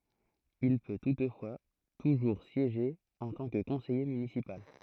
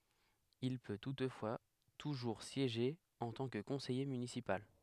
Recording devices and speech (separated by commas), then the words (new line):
throat microphone, headset microphone, read sentence
Il peut toutefois toujours siéger en tant que conseiller municipal.